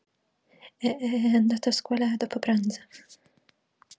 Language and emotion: Italian, fearful